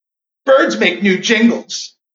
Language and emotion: English, fearful